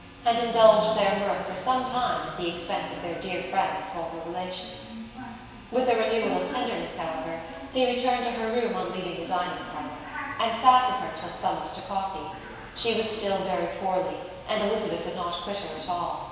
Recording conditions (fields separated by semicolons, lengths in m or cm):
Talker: one person; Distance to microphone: 1.7 m; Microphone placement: close; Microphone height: 1.0 m; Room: very reverberant, large; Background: television